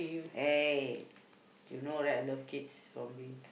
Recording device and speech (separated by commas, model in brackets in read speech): boundary microphone, conversation in the same room